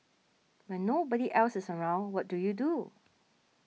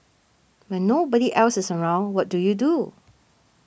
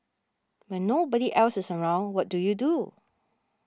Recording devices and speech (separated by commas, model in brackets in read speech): mobile phone (iPhone 6), boundary microphone (BM630), standing microphone (AKG C214), read sentence